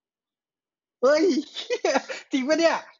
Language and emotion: Thai, happy